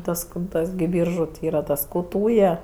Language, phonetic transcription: Lithuanian, ˈtas kur ˈtas gi ˈbyržu ti ˈyra ˈtas ˈkū ˈtūje

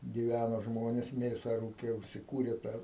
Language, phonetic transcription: Lithuanian, giˈvæno ˈžmonės ˈmėsa ˈrūkė užsiˈkūrė ˈtą

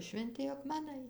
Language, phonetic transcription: Lithuanian, švenˈti akmeˈnai

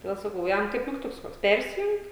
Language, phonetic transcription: Lithuanian, toˈdėl saˈkau ˈjam kaip migˈtuks ˈkoks ˈpersijung

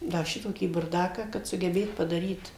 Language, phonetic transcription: Lithuanian, ˈda ˈšitokį burˈdaką kad sugeˈbėt padaˈryt

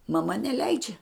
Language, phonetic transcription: Lithuanian, maˈma neˈleidžia

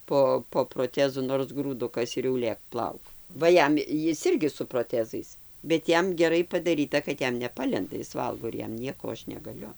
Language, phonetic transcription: Lithuanian, ˈpo po proˈtezu nors grūˈdukas ir jau ˈlėk ˈplauk ˈva ˈjam ˈjis ˈirgi su proˈtezais bet ˈjam geˈrai padaˈryta kad ˈjam neˈpalenda ˈjis ˈvalgo ir ˈjam ˈnieko o ˈaš negaˈliu

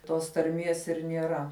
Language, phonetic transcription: Lithuanian, tos tarˈmies ir nieˈra

